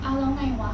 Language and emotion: Thai, frustrated